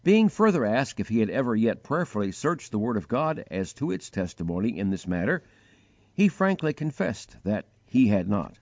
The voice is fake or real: real